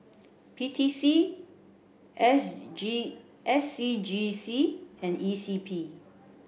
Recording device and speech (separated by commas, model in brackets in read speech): boundary microphone (BM630), read sentence